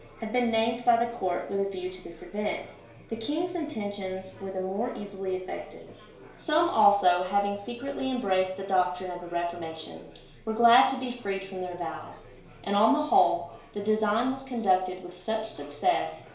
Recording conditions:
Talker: one person; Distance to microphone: 1.0 m; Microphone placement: close; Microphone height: 1.1 m; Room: small (3.7 m by 2.7 m); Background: babble

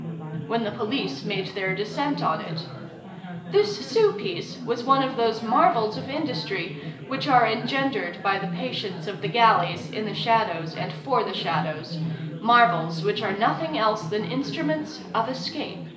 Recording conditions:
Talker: one person; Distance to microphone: 1.8 m; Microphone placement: close; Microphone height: 1.0 m; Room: large; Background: babble

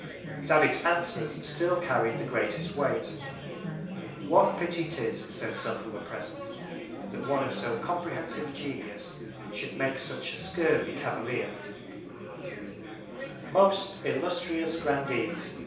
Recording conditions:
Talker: one person; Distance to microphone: 3.0 m; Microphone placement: far; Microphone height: 1.8 m; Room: small (3.7 m by 2.7 m); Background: babble

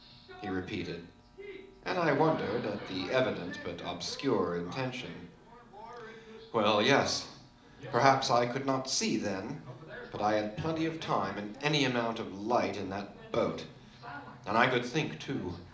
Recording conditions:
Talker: one person; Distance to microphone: 2.0 m; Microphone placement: close; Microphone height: 99 cm; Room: medium-sized (5.7 m by 4.0 m); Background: television

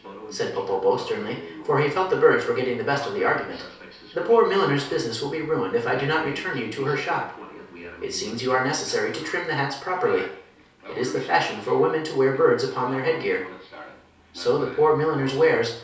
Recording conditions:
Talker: one person; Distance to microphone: 3.0 m; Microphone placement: far; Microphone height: 1.8 m; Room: small (3.7 m by 2.7 m); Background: television

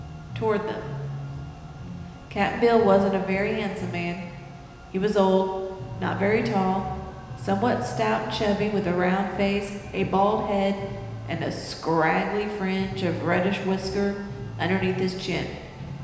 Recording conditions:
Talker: one person; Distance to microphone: 1.7 m; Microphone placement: close; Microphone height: 1.0 m; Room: very reverberant, large; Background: music

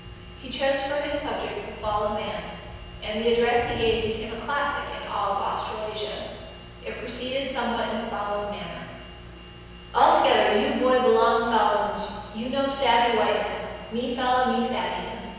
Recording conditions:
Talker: one person; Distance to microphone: 7.1 m; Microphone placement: far; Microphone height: 1.7 m; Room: very reverberant, large; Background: none

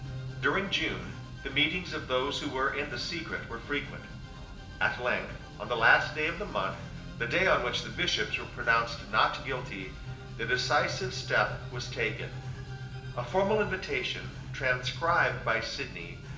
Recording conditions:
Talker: one person; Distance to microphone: 1.8 m; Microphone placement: close; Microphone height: 1.0 m; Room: large; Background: music

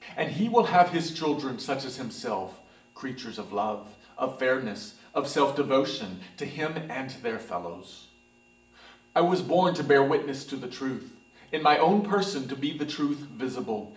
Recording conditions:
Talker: one person; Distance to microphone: 1.8 m; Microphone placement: close; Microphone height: 1.0 m; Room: large; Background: none

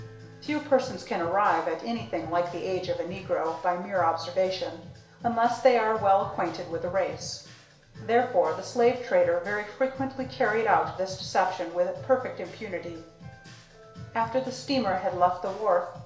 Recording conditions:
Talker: one person; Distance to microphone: 1.0 m; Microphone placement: close; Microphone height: 1.1 m; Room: small (3.7 m by 2.7 m); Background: music

